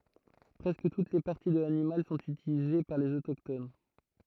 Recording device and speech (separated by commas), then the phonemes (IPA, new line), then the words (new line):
throat microphone, read sentence
pʁɛskə tut le paʁti də lanimal sɔ̃t ytilize paʁ lez otokton
Presque toutes les parties de l'animal sont utilisées par les autochtones.